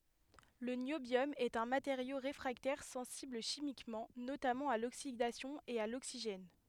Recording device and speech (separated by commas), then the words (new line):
headset microphone, read sentence
Le niobium est un matériau réfractaire sensible chimiquement, notamment à l'oxydation et à l'oxygène.